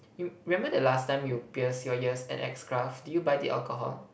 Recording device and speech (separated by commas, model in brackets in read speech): boundary microphone, conversation in the same room